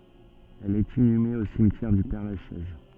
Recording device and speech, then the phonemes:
soft in-ear microphone, read sentence
ɛl ɛt inyme o simtjɛʁ dy pɛʁlaʃɛz

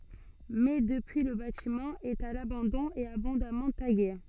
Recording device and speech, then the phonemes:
soft in-ear microphone, read sentence
mɛ dəpyi lə batimɑ̃ ɛt a labɑ̃dɔ̃ e abɔ̃damɑ̃ taɡe

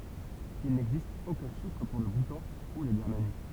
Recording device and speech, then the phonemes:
temple vibration pickup, read sentence
il nɛɡzist okœ̃ ʃifʁ puʁ lə butɑ̃ u la biʁmani

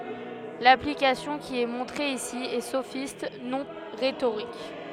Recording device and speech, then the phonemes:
headset microphone, read sentence
laplikasjɔ̃ ki ɛ mɔ̃tʁe isi ɛ sofist nɔ̃ ʁetoʁik

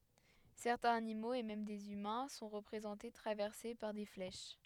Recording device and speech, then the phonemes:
headset microphone, read sentence
sɛʁtɛ̃z animoz e mɛm dez ymɛ̃ sɔ̃ ʁəpʁezɑ̃te tʁavɛʁse paʁ de flɛʃ

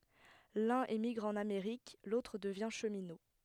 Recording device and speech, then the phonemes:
headset microphone, read sentence
lœ̃n emiɡʁ ɑ̃n ameʁik lotʁ dəvjɛ̃ ʃəmino

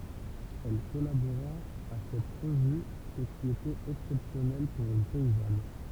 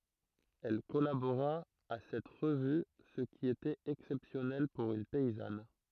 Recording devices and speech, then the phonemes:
temple vibration pickup, throat microphone, read sentence
ɛl kɔlaboʁa a sɛt ʁəvy sə ki etɛt ɛksɛpsjɔnɛl puʁ yn pɛizan

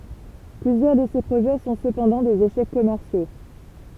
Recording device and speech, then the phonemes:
temple vibration pickup, read sentence
plyzjœʁ də se pʁoʒɛ sɔ̃ səpɑ̃dɑ̃ dez eʃɛk kɔmɛʁsjo

